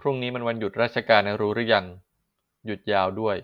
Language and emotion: Thai, neutral